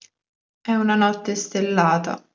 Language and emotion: Italian, sad